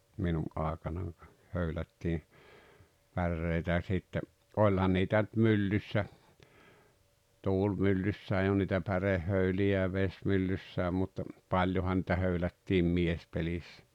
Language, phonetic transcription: Finnish, 'minu’ "àekanan , 'höylättii , 'pärreitä ʲa sitte , "oĺhan niitä ⁿʸt "myllyssä , 'tuulmyllyssää joo niitä 'pärehhöyli₍ä ja 'vesmyllyssä mut , 'paĺ-johan nⁱtä 'höylättiim "miespelissä .
- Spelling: minun aikanani höylättiin päreitä ja sitten olihan niitä nyt myllyssä tuulimyllyssäkin joo niitä pärehöyliä ja vesimyllyssä mutta paljonhan niitä höylättiin miespelissä

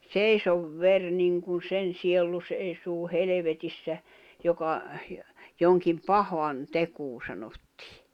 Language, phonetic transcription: Finnish, » "seisov 'ver niŋkun 'sen siellu seisuu "helevetissä , joka « , joŋkim "pahan , -'tekuu sanottɪɪ .
- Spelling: seiso veri niin kuin sen sielu seisoo helvetissä joka jonkin pahan tekoa sanottiin

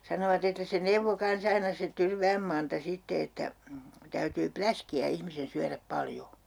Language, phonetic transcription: Finnish, 'sanovat ‿että se "neuvvo kan's ‿aina se 'Tyrvääm Manta 'sitte että , täytyy "pläski₍ä 'ihmisen 'syäräp 'paljo .
- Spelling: sanovat että se neuvoi kanssa aina se Tyrvään Manta sitten että täytyy läskiä ihmisen syödä paljon

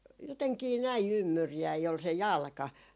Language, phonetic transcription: Finnish, 'joteŋkii 'näi "ymmyrjäi ol se "jalka .
- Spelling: jotenkin näin ymmyriäinen oli se jalka

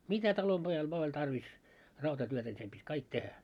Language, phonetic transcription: Finnish, mitä talomʙojal vᵒa oĺ 'tarvis , 'rautatyötä ńi sem ʙit́ "kaik 'tehä .
- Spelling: mitä talonpojalla vain oli tarvis rautatyötä niin sen piti kaikki tehdä

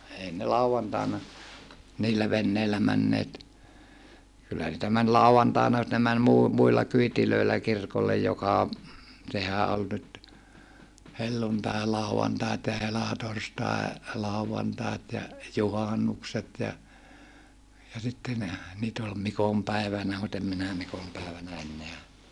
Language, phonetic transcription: Finnish, ei ne lauvantàena , niillä venneillä männeet , kyllä niitä män lau₍antàena mut ne män muu- , muilla kyitilöillä kirkollej joka , sehä ol nyt , helluntaelàu₍antait ja helatorstae- , -làuvantaet ja , juhannukset ja , ja sitte ne , niit ‿ol mikompäivänä mut ‿em minä mikompä̀evänä enneä ,.
- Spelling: ei ne lauantaina niillä veneillä menneet kyllä niitä meni lauantaina mutta ne meni - muilla kyydeillä kirkolle joka sehän oli nyt helluntailauantai ja - helatorstailauantait ja juhannukset ja ja sitten ne niitä oli mikonpäivänä mutta en minä mikonpäivänä enää

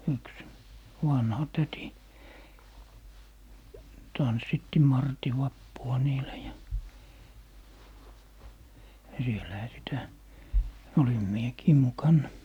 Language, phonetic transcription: Finnish, 'yks , "vanha 'täti , 'tanssitti "marti 'vappua "niilä ja , ja 'sielähä 'sitä , 'olim "miekii "mukanna .
- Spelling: yksi vanha täti tanssitti martin vappua niillä ja ja siellähän sitä olin minäkin mukana

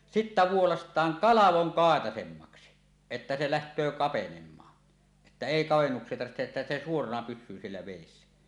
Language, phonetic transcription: Finnish, 'sittä vuolast̀aaŋ "kalavoŋ "kàetasemmaksi , että se läht̀öö 'kapenem̆maa , että "èi 'kavennuks̀ie tarvihteˀ ˀettä se 'suorana "pys̆syy siellä vèissä .
- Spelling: sitten vuolaistaan kalvoin kaitaisemmaksi että se lähtee kapenemaan että ei kavennuksia tarvitse että se suorana pysyy siellä vedessä

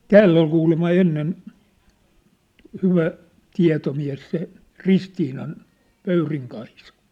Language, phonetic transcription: Finnish, tääll ‿ol kuulemma 'ennen , 'hyvä , 'tia̭tomiä̭s se , 'Ristiinan , 'Pöyriŋ Kaisa .
- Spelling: täällä oli kuulemma ennen hyvä tietomies se Ristiinan Pöyrin Kaisa

